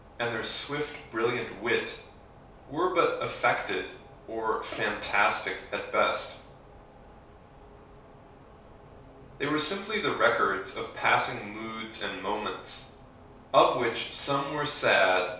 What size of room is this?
A small room (about 3.7 m by 2.7 m).